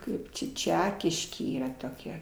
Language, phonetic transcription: Lithuanian, ˈkaip čia ˈčekiškė ˈyra toˈkia

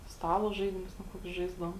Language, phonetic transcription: Lithuanian, ˈstalo ˈžaidimus ten ˈkokius ˈžaisdavom

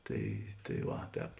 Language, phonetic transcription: Lithuanian, ˈtai tai ˈva ˈtēp

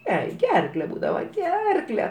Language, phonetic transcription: Lithuanian, ˈjai ˈgerkle ˈbūdava ˈgerkle

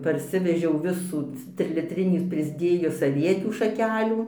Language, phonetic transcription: Lithuanian, parˈsivežiau ˈvisų trilitˈrinį prisˈdėjus aˈvietių šaˈkelių

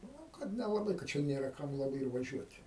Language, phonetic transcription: Lithuanian, nu ˈkad nelaˈbai ka ˈčia ˈnėra ˈkam laˈbai ir vaˈžiuot'

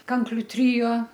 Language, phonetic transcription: Lithuanian, ˈkankliu ˈtrio

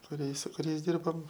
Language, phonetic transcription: Lithuanian, kuˈrie su kuˈriais ˈdirbom

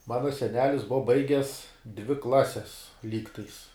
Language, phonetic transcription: Lithuanian, ˈmana seˈnelis ˈbuva ˈbaiges dvi ˈklases ˈlygtais

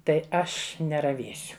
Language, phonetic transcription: Lithuanian, ˈtai ˈaš neraˈvėsiu

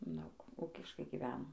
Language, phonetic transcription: Lithuanian, ˈdaug ˈukiškai giˈveno

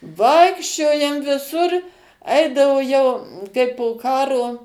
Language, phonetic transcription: Lithuanian, ˈvaikščiojam viˈsur ˈaidavo jau kai po ˈkaro

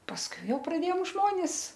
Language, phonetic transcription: Lithuanian, pasˈkui ˈjau praˈdėjom ˈžmonis

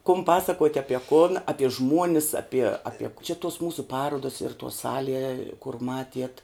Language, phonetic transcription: Lithuanian, kum ˈpasakuot' aˈpie kun aˈpie ˈžmuonis aˈpie aˈpie čia tuos ˈmūsu ˈparuodas ir tuo ˈsalie kur ˈmatiet

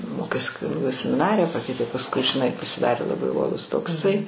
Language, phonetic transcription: Lithuanian, ˈmokės kuniˈgu semiˈnarija ˈpakeitė pasˈkui žiˈnai pasiˈdarė laˈbai uoˈlus tokˈsai

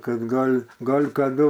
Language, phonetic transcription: Lithuanian, ˈkad ˈgal' ˈgal' kaˈdu

